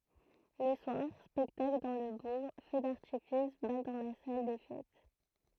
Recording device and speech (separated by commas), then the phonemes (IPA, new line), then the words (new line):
throat microphone, read sentence
lə swaʁ spɛktakl dɑ̃ lə buʁ fø daʁtifis bal dɑ̃ la sal de fɛt
Le soir, spectacle dans le bourg, feu d'artifice, bal dans la salle des fêtes.